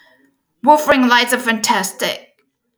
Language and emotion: English, angry